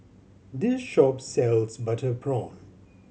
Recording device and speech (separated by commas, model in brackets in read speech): mobile phone (Samsung C7100), read sentence